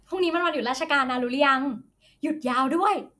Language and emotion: Thai, happy